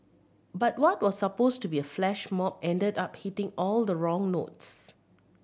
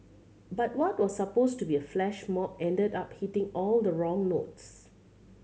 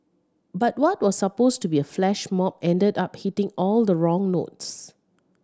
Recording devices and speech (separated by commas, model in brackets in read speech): boundary microphone (BM630), mobile phone (Samsung C7100), standing microphone (AKG C214), read sentence